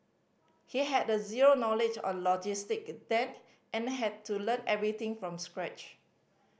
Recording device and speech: boundary microphone (BM630), read sentence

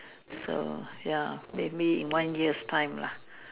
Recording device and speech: telephone, conversation in separate rooms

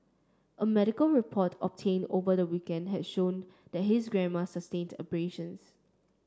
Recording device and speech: standing microphone (AKG C214), read sentence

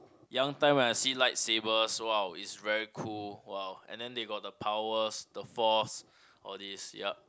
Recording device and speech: close-talking microphone, conversation in the same room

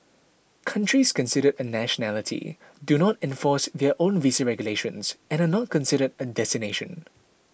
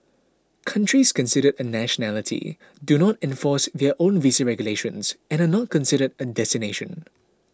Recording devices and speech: boundary microphone (BM630), close-talking microphone (WH20), read sentence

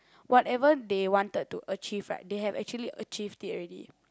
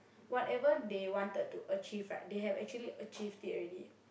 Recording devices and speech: close-talking microphone, boundary microphone, conversation in the same room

